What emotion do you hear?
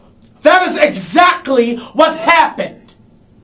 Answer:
angry